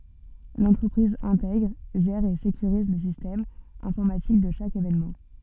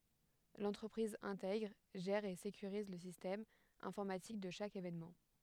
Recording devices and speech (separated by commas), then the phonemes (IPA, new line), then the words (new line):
soft in-ear microphone, headset microphone, read sentence
lɑ̃tʁəpʁiz ɛ̃tɛɡʁ ʒɛʁ e sekyʁiz lə sistɛm ɛ̃fɔʁmatik də ʃak evenmɑ̃
L'entreprise intègre, gère et sécurise le système informatique de chaque événement.